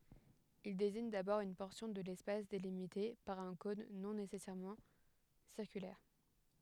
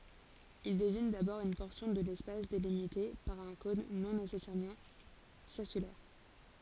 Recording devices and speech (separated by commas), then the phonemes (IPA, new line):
headset microphone, forehead accelerometer, read sentence
il deziɲ dabɔʁ yn pɔʁsjɔ̃ də lɛspas delimite paʁ œ̃ kɔ̃n nɔ̃ nesɛsɛʁmɑ̃ siʁkylɛʁ